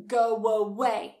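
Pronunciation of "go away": In 'go away', a w sound is added between 'go' and 'away' to link the two words.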